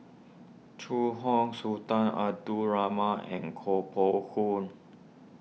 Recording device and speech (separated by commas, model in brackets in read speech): mobile phone (iPhone 6), read sentence